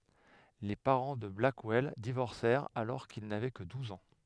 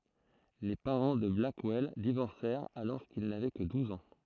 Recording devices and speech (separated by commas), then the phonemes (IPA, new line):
headset microphone, throat microphone, read sentence
le paʁɑ̃ də blakwɛl divɔʁsɛʁt alɔʁ kil navɛ kə duz ɑ̃